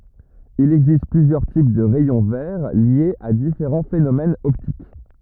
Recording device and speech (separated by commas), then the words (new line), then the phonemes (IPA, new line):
rigid in-ear microphone, read sentence
Il existe plusieurs types de rayons verts liés à différents phénomènes optiques.
il ɛɡzist plyzjœʁ tip də ʁɛjɔ̃ vɛʁ ljez a difeʁɑ̃ fenomɛnz ɔptik